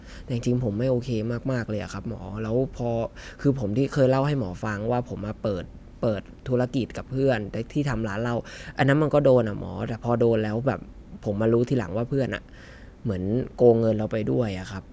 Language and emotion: Thai, frustrated